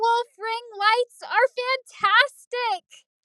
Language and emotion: English, fearful